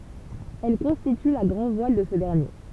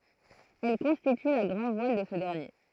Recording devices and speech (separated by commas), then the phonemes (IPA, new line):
temple vibration pickup, throat microphone, read sentence
ɛl kɔ̃stity la ɡʁɑ̃dvwal də sə dɛʁnje